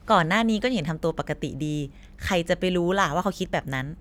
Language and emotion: Thai, neutral